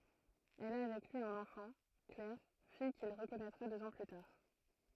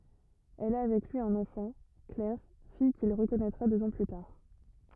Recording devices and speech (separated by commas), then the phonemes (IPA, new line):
throat microphone, rigid in-ear microphone, read sentence
ɛl a avɛk lyi œ̃n ɑ̃fɑ̃ klɛʁ fij kil ʁəkɔnɛtʁa døz ɑ̃ ply taʁ